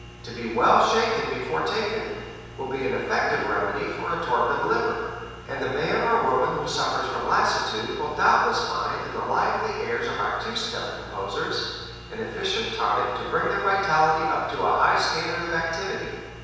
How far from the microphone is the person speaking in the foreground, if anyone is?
7.1 m.